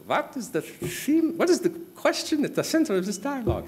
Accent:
high pitched german accent